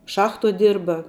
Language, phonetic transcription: Lithuanian, ˈšachtuo ˈdirba

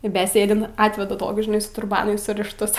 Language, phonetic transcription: Lithuanian, i beˈsėdint ˈatveda ˈtokius žiˈnai su turˈbanu surišˈtus

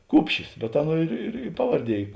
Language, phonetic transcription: Lithuanian, ˈkupšis be ˈaˌnuo ir ir i ˈpavarˌdie ˈy

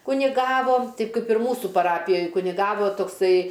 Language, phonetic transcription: Lithuanian, kuniˈgavo ˈteip ˈkaip ir ˈmūsu paˈrapijoj kuniˈgavo tokˈsai

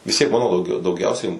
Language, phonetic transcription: Lithuanian, vis tiek ˈmano dauˈgiau dauˈgiausiai

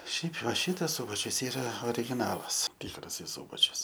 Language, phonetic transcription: Lithuanian, ˈšiaip va ˈšitas ˈsubačius ˈyra origiˈnalas ˈtikrasai ˈsūbačius

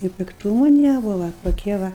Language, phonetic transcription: Lithuanian, i pikˈtūmu ˈnebuva toˈkie ˈva

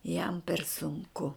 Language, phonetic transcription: Lithuanian, jam per sunˈku

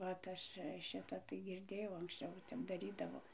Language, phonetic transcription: Lithuanian, vat ˈaš ˈšita tai girˈdėjau anksˈčiau ˈtep daˈrydavo

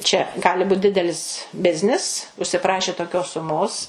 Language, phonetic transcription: Lithuanian, čia ˈgali ˈbūt ˈdidelis ˈbiznis užsiˈprašė toˈkios suˈmos

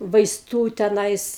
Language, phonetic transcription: Lithuanian, vaisˈtų teˈnais

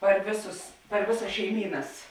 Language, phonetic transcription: Lithuanian, par ˈvėˌsus par ˈvėˌsas šeiˈmynas

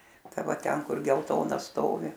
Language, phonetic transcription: Lithuanian, ˈta ˈva ˈten ˈkur gelˈtona ˈstovi

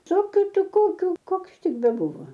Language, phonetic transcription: Lithuanian, ˈsokiu ˈti ˈkokiu ˈkoks ˈtik beˈbūvo

